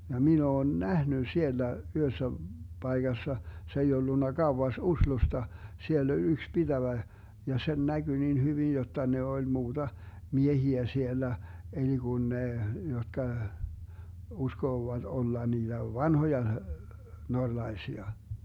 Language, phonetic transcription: Finnish, ja 'min ‿oon "nähny 'siellä , 'yhössä , 'BaiGassa , se ei 'ollunna 'Gauwas 'Uslusta , 'siell ‿oĺ 'yks 'BiDävä , ja 'sen 'näGy nin 'hyvin jotta ne oĺ 'muuDa , 'miehiä 'siellä , eli 'Gun 'ne , 'jotka , 'uskoovat 'olla 'niiDä "vanhoja , 'norlaisia .
- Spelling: ja minä olen nähnyt siellä yhdessä paikassa se ei ollut kauas Oslosta siellä oli yksi pitäjä ja sen näkyi niin hyvin jotta ne oli muuta miehiä siellä eli kun ne jotka uskovat olla niitä vanhoja norjalaisia

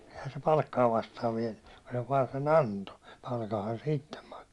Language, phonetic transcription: Finnish, ehä se 'palkkaa vastaav viɛnnʏ , ku se vaan se"n ‿anto , palkaha se 'ittem mak(so) .
- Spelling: eihän se palkkaa vastaan vienyt kun se vain sen antoi palkanhan se itse maksoi

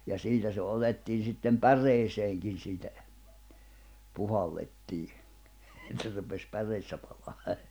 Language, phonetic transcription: Finnish, ja 'siitä se 'otettiin̬ sittem "pär̆reeseeŋkin siitä , 'puhallettii , et se rupes 'päreessä palaa .
- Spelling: ja siitä se otettiin sitten päreeseenkin siitä puhallettiin että se rupesi päreessä palamaan

